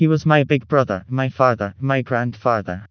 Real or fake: fake